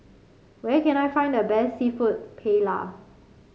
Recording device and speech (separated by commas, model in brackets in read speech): mobile phone (Samsung C5), read sentence